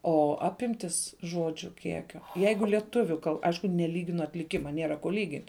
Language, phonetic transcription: Lithuanian, o ˈapimtis ˈžodžiu ˈkiekio ˈjeigu lieˈtuviu kal ˈaišku neˈlyginu atliˈkima ˈnėra ko ˈlygint'

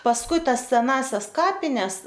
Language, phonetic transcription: Lithuanian, pasˈkui ˈtas seˈnąsias ˈkapines

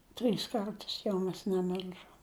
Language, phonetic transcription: Lithuanian, ˈtrys ˈkartus jau ˈmes neˈmil'žom

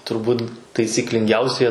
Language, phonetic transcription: Lithuanian, turˈbūt taisyklinˈgiausie

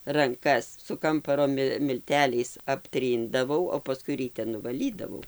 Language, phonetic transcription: Lithuanian, ranˈkas su ˈkamparo ˈmi milˈteliais apˈtryndavau o paˈskui ryˈte nuvaˈlydavau

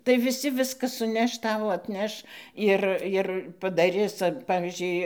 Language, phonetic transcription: Lithuanian, tai viˈsi ˈviska suˈneš ˈtau atˈneš ˈir ir padaˈris ˈpavyzdžiui

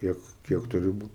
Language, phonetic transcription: Lithuanian, ˈkiek ˈkiek ˈturi ˈbūt

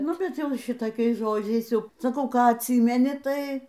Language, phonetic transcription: Lithuanian, ˈnu bet ˈjau ˈšitokiais ˈžodžiais ˈjau saˈkau ˈką atˈsymeni ˈtai

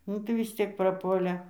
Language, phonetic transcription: Lithuanian, ˈnu tai vis ˈciek praˈpuolė

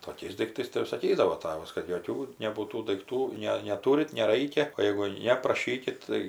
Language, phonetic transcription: Lithuanian, toˈkiais daikˈtais tai jau saˈkydavo ˈtavas kad joˈkių nebūˈtų daikˈtų ˈne neˈtūrit neˈraikia o jeigu ˈne praˈšykit tai

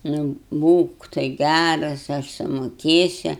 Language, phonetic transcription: Lithuanian, nu ˈbūk tai ˈgæras aš sumoˈkėsiu

